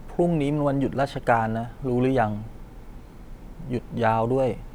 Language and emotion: Thai, frustrated